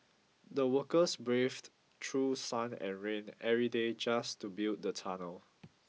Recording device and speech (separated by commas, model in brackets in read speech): mobile phone (iPhone 6), read sentence